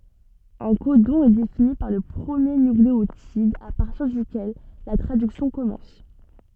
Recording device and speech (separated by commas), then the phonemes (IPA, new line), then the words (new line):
soft in-ear microphone, read sentence
œ̃ kodɔ̃ ɛ defini paʁ lə pʁəmje nykleotid a paʁtiʁ dykɛl la tʁadyksjɔ̃ kɔmɑ̃s
Un codon est défini par le premier nucléotide à partir duquel la traduction commence.